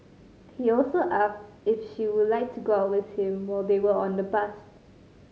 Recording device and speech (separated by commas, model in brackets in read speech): mobile phone (Samsung C5010), read sentence